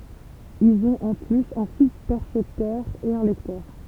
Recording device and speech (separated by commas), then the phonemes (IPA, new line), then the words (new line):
temple vibration pickup, read sentence
ilz ɔ̃t ɑ̃ plyz œ̃ suspɛʁsɛptœʁ e œ̃ lɛktœʁ
Ils ont en plus, un sous-percepteur et un lecteur.